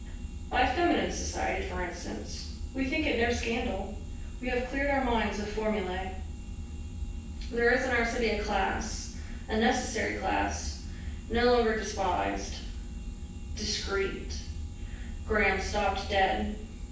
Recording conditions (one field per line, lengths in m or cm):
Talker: one person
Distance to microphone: 9.8 m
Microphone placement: far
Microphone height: 1.8 m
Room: large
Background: none